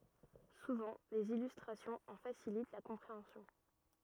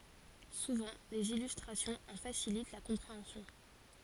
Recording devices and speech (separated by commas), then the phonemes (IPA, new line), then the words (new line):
rigid in-ear microphone, forehead accelerometer, read sentence
suvɑ̃ dez ilystʁasjɔ̃z ɑ̃ fasilit la kɔ̃pʁeɑ̃sjɔ̃
Souvent, des illustrations en facilitent la compréhension.